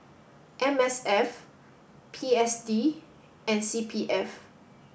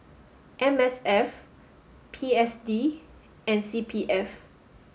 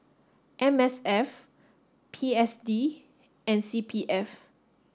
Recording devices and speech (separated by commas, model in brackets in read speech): boundary microphone (BM630), mobile phone (Samsung S8), standing microphone (AKG C214), read sentence